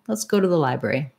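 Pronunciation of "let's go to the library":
'Library' is the stressed word and has a lot of length. 'Let's go to the' is linked together with some reductions, and takes almost the same time as 'library'.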